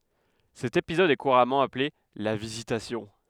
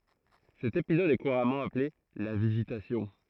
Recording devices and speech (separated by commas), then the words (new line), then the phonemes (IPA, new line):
headset microphone, throat microphone, read sentence
Cet épisode est couramment appelé la Visitation.
sɛt epizɔd ɛ kuʁamɑ̃ aple la vizitasjɔ̃